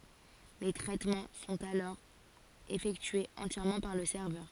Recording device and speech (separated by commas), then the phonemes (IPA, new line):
forehead accelerometer, read sentence
le tʁɛtmɑ̃ sɔ̃t alɔʁ efɛktyez ɑ̃tjɛʁmɑ̃ paʁ lə sɛʁvœʁ